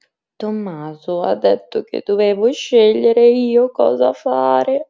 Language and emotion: Italian, sad